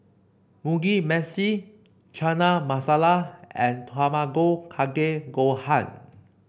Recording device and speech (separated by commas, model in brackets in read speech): boundary microphone (BM630), read sentence